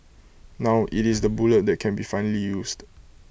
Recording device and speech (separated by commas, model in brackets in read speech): boundary microphone (BM630), read sentence